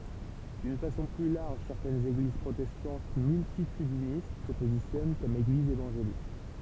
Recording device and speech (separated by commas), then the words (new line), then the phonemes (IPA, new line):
temple vibration pickup, read sentence
D’une façon plus large, certaines églises protestantes multitudinistes se positionnent comme églises évangéliques.
dyn fasɔ̃ ply laʁʒ sɛʁtɛnz eɡliz pʁotɛstɑ̃t myltitydinist sə pozisjɔn kɔm eɡlizz evɑ̃ʒelik